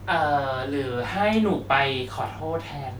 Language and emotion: Thai, frustrated